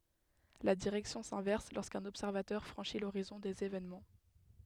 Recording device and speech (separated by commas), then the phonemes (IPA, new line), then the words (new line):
headset microphone, read sentence
la diʁɛksjɔ̃ sɛ̃vɛʁs loʁskœ̃n ɔbsɛʁvatœʁ fʁɑ̃ʃi loʁizɔ̃ dez evenmɑ̃
La direction s'inverse lorsqu'un observateur franchit l'horizon des événements.